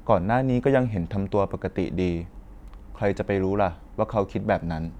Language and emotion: Thai, neutral